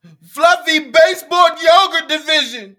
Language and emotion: English, sad